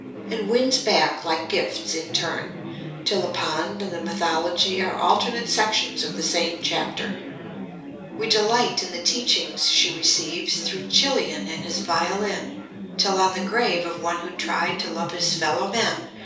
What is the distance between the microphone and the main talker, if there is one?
3.0 m.